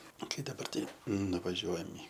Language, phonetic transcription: Lithuanian, ˈkai daˈbar ˈtai nuvaˈžiuojam i

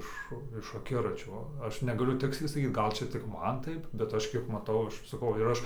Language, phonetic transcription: Lithuanian, ˈiš iš aˈkiračio ˈaš negaˈliu ˈtiksliai saˈkyt ˈgal ˈčia tik ˈman ˈtaip bet ˈaš ˈkiek maˈtau ˈaš saˈkau ir ˈaš

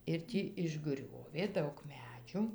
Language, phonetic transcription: Lithuanian, ir ˈtį išˈgriovė ˈdaug ˈmedžiu

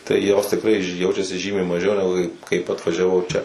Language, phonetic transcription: Lithuanian, tai jos tikˈrai ˈjaučiasi ˈžymiai maˈžiau neˈgu ˈkai ˈkaip atvažiaˈvau ˈčia

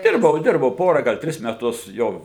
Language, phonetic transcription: Lithuanian, ˈdirbau ˈdirbau ˈpora gal ˈtris meˈtus ˈjo

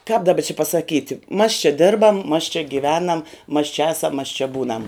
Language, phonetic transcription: Lithuanian, kāp daˈba či pasaˈkyti mas čia ˈdirbam mas čia giˈvenam mas čia ˈasam mas čia ˈbūnam

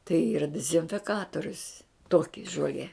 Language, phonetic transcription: Lithuanian, tai ˈyra dizinfiˈkatorius ˈtoki žoˈlie

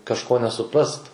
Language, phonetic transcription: Lithuanian, kažˈko nesuˈprast

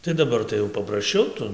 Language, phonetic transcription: Lithuanian, tai daˈbar tai jau paprasˈčiau ˈtu

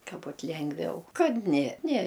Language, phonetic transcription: Lithuanian, ˈka ˈbut ˈlengviau ˈkad ne ne

